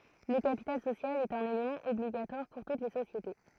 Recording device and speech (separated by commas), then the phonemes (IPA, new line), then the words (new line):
throat microphone, read sentence
lə kapital sosjal ɛt œ̃n elemɑ̃ ɔbliɡatwaʁ puʁ tut le sosjete
Le capital social est un élément obligatoire pour toutes les sociétés.